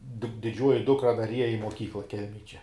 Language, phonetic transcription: Lithuanian, di diˈdžiuoji ˈdukra dar ˈieja i moˈkykla ˈkelmej čia

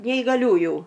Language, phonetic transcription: Lithuanian, neigaˈliųju

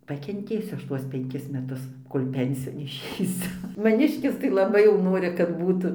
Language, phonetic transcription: Lithuanian, pakenˈtėsiu ˈaš ˈtuos penˈkis meˈtus ˈkol' ˈpensijon išeiˈsiu maˈniškis tai laˈbai jau ˈnori kad ˈbūtu

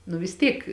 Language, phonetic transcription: Lithuanian, nu vis ˈtyk

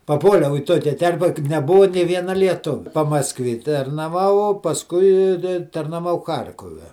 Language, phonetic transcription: Lithuanian, paˈpuoliau į ˈtokia ˈterpe ka neˈbua nė ˈviena lieˈtuvia pamasˈkvė tarnaˈvau pasˈkui i i tarnaˈvau ˈchar'kove

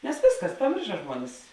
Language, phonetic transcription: Lithuanian, nes ˈvėsˌkas paˈmėrša ˈžmuonis

